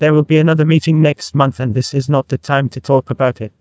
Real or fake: fake